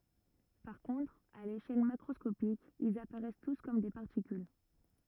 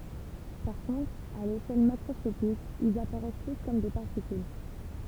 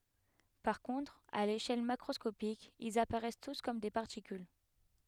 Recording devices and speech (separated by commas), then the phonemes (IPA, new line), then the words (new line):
rigid in-ear microphone, temple vibration pickup, headset microphone, read sentence
paʁ kɔ̃tʁ a leʃɛl makʁɔskopik ilz apaʁɛs tus kɔm de paʁtikyl
Par contre, à l'échelle macroscopique, ils apparaissent tous comme des particules.